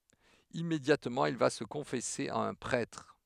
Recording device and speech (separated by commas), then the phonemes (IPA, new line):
headset microphone, read sentence
immedjatmɑ̃ il va sə kɔ̃fɛse a œ̃ pʁɛtʁ